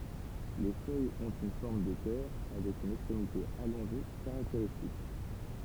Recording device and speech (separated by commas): temple vibration pickup, read sentence